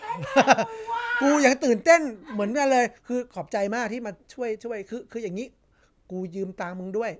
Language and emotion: Thai, happy